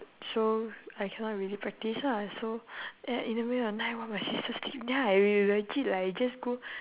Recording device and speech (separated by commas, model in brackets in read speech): telephone, conversation in separate rooms